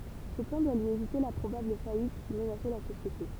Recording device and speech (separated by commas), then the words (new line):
temple vibration pickup, read sentence
Ce plan doit lui éviter la probable faillite qui menaçait la société.